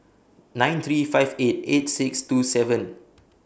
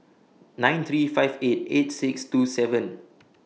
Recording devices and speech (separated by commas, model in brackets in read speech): boundary microphone (BM630), mobile phone (iPhone 6), read sentence